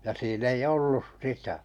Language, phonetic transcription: Finnish, ja sii'n ‿ei 'ollus "sitä .
- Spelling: ja siinä ei ollut sitä

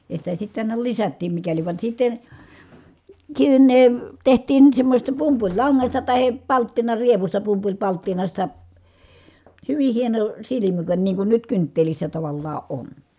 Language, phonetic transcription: Finnish, ja sitä sitt ‿àina lisättiim mikäliv van sitten̬ , tsinnè , teht̀iin , semmośesta pumpuĺlaŋŋasta tahe , palttinarievusta pumpuĺpalttinasta , hyvih̆ hieno , silimy(kän) niiŋ kun nyt kynttelissä tavallaa ʼon .
- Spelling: ja sitä sitten aina lisättiin mikäli vaan sitten sinne tehtiin semmoisesta pumpulilangasta tai palttinarievusta pumpulipalttinasta hyvin hieno silmykän niin kuin nyt kynttilässä tavallaan on

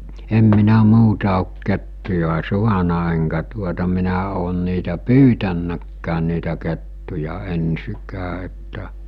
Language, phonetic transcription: Finnish, em minä 'muuta òk 'kettuja "suana eŋkä tuota minä oon niitä "pyytännäkkään̆ niitä kettuja 'ensikää että .
- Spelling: en minä muuta ole kettuja saanut enkä tuota minä ole niitä pyytänytkään niitä kettuja ensinkään että

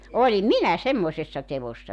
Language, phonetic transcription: Finnish, 'olim "minä 'semmoⁱsessa tevossa .
- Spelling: olin minä semmoisessa teossa

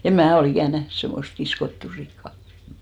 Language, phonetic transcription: Finnish, em "mää o'l ‿ikä̀n 'nähn semmost 'kiskottù sikka .
- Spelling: en minä ole ikinä nähnyt semmoista kiskottua sikaa

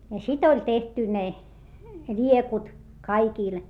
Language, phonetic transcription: Finnish, ja sit ‿oĺ tehty ne , ĺiekut , kaikìl .
- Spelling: ja sitten oli tehty ne liekut kaikille

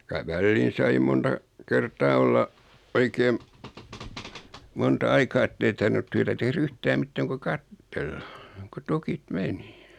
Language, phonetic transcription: Finnish, ky₍ä 'välliin sai 'monta 'kertaa olla , 'oikeem , 'monta "aikaa ettei tarvinut 'tyätä teh"r ‿yh-tääm 'mittääŋ ku "kattella , ku 'tukit "meni .
- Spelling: kyllä väliin sai monta kertaa olla oikein monta aikaa että ei tarvinnut työtä tehdä yhtään mitään kuin katsella kun tukit meni

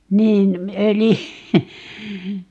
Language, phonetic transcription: Finnish, 'niin , 'ölijy - ,.
- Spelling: niin öljy

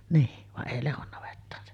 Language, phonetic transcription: Finnish, nii , vaˀ 'ˀèi 'Lehon navettaan se .
- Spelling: niin vaan ei Lehdon navettaan se

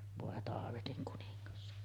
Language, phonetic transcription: Finnish, vòe 'taavetiŋ kuniŋŋas .
- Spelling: voi taavetin kuningas

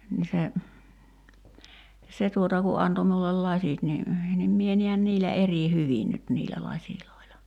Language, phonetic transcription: Finnish, ni se , 'se tuota ku 'anto miullel "laśit ni , nim 'mie niän 'niillä 'eri "hyvin nyt niilä 'laśiloila .
- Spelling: niin se se tuota kun antoi minulle lasit niin niin minä näen niillä eri hyvin nyt niillä laseilla

